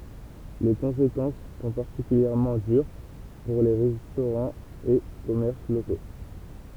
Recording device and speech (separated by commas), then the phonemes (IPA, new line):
temple vibration pickup, read sentence
le kɔ̃sekɑ̃s sɔ̃ paʁtikyljɛʁmɑ̃ dyʁ puʁ le ʁɛstoʁɑ̃z e kɔmɛʁs loko